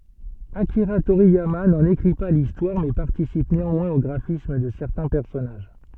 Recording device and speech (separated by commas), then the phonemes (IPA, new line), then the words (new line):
soft in-ear microphone, read sentence
akiʁa toʁijama nɑ̃n ekʁi pa listwaʁ mɛ paʁtisip neɑ̃mwɛ̃z o ɡʁafism də sɛʁtɛ̃ pɛʁsɔnaʒ
Akira Toriyama n'en écrit pas l'histoire mais participe néanmoins au graphisme de certains personnages.